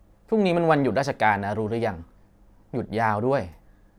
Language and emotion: Thai, neutral